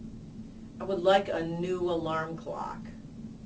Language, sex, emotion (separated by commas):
English, female, disgusted